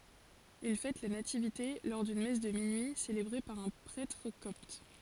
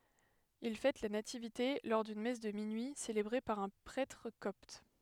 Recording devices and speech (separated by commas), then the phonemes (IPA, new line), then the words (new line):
forehead accelerometer, headset microphone, read sentence
il fɛt la nativite lɔʁ dyn mɛs də minyi selebʁe paʁ œ̃ pʁɛtʁ kɔpt
Ils fêtent la Nativité lors d'une messe de minuit célébrée par un prêtre copte.